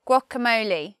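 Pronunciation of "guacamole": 'Guacamole' is said with the British pronunciation, not the American one.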